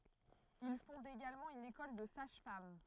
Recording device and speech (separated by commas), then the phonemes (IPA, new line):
throat microphone, read sentence
il fɔ̃d eɡalmɑ̃ yn ekɔl də saʒ fam